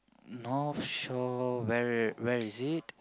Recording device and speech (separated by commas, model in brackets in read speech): close-talking microphone, conversation in the same room